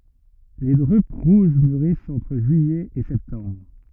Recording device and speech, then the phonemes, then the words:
rigid in-ear microphone, read sentence
le dʁyp ʁuʒ myʁist ɑ̃tʁ ʒyijɛ e sɛptɑ̃bʁ
Les drupes rouges mûrissent entre juillet et septembre.

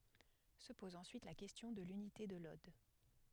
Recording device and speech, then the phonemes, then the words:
headset microphone, read sentence
sə pɔz ɑ̃syit la kɛstjɔ̃ də lynite də lɔd
Se pose ensuite la question de l'unité de l'ode.

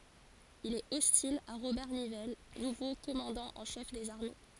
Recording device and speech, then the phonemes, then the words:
forehead accelerometer, read sentence
il ɛt ɔstil a ʁobɛʁ nivɛl nuvo kɔmɑ̃dɑ̃ ɑ̃ ʃɛf dez aʁme
Il est hostile à Robert Nivelle, nouveau commandant en chef des armées.

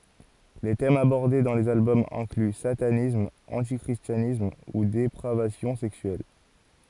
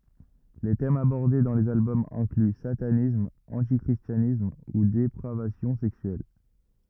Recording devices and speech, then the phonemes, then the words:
forehead accelerometer, rigid in-ear microphone, read sentence
le tɛmz abɔʁde dɑ̃ lez albɔmz ɛ̃kly satanism ɑ̃ti kʁistjanism u depʁavasjɔ̃ sɛksyɛl
Les thèmes abordés dans les albums incluent satanisme, anti-christianisme, ou dépravation sexuelle.

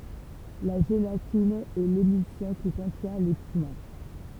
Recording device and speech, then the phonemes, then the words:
temple vibration pickup, read sentence
la ʒelatin ɛ lemylsjɔ̃ ki kɔ̃tjɛ̃ le piɡmɑ̃
La gélatine est l'émulsion qui contient les pigments.

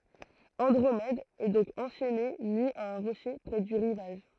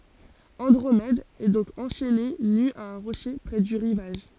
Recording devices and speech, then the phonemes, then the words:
throat microphone, forehead accelerometer, read sentence
ɑ̃dʁomɛd ɛ dɔ̃k ɑ̃ʃɛne ny a œ̃ ʁoʃe pʁɛ dy ʁivaʒ
Andromède est donc enchaînée nue à un rocher près du rivage.

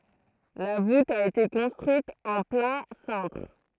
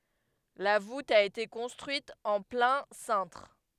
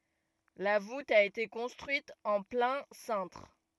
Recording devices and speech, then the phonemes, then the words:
throat microphone, headset microphone, rigid in-ear microphone, read sentence
la vut a ete kɔ̃stʁyit ɑ̃ plɛ̃ sɛ̃tʁ
La voûte a été construite en plein cintre.

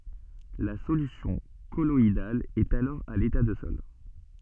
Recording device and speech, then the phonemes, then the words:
soft in-ear microphone, read sentence
la solysjɔ̃ kɔlɔidal ɛt alɔʁ a leta də sɔl
La solution colloïdale est alors à l'état de sol.

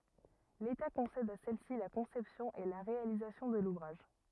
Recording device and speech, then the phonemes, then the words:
rigid in-ear microphone, read sentence
leta kɔ̃sɛd a sɛlsi la kɔ̃sɛpsjɔ̃ e la ʁealizasjɔ̃ də luvʁaʒ
L’État concède à celle-ci la conception et la réalisation de l’ouvrage.

